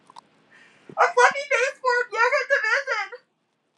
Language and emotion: English, sad